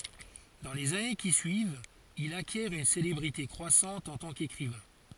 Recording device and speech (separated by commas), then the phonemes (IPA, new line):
forehead accelerometer, read sentence
dɑ̃ lez ane ki syivt il akjɛʁ yn selebʁite kʁwasɑ̃t ɑ̃ tɑ̃ kekʁivɛ̃